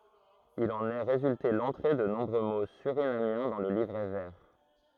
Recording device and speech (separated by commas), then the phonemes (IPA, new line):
throat microphone, read sentence
il ɑ̃n ɛ ʁezylte lɑ̃tʁe də nɔ̃bʁø mo syʁinamjɛ̃ dɑ̃ lə livʁɛ vɛʁ